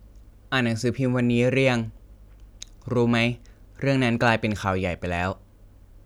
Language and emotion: Thai, neutral